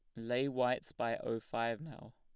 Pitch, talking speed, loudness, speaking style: 120 Hz, 185 wpm, -37 LUFS, plain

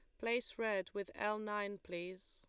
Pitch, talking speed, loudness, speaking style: 205 Hz, 175 wpm, -41 LUFS, Lombard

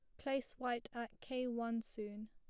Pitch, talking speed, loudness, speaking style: 235 Hz, 170 wpm, -43 LUFS, plain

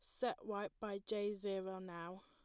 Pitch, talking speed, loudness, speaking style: 205 Hz, 175 wpm, -44 LUFS, plain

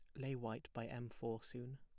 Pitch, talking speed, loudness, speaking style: 120 Hz, 230 wpm, -47 LUFS, plain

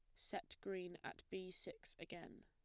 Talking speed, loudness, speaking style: 160 wpm, -51 LUFS, plain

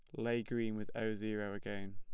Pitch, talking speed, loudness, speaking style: 110 Hz, 210 wpm, -40 LUFS, plain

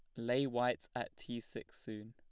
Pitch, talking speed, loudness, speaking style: 120 Hz, 190 wpm, -40 LUFS, plain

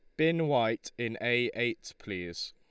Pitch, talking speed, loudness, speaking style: 120 Hz, 155 wpm, -31 LUFS, Lombard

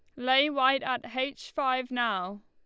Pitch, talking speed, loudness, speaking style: 260 Hz, 160 wpm, -28 LUFS, Lombard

